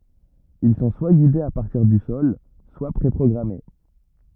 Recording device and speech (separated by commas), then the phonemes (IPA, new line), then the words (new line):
rigid in-ear microphone, read sentence
il sɔ̃ swa ɡidez a paʁtiʁ dy sɔl swa pʁe pʁɔɡʁame
Ils sont soit guidés à partir du sol soit pré-programmés.